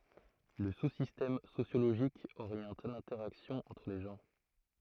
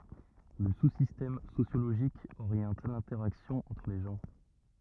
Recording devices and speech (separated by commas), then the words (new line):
throat microphone, rigid in-ear microphone, read sentence
Le sous-système sociologique oriente l’interaction entre les gens.